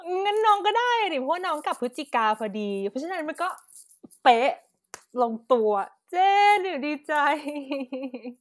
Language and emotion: Thai, happy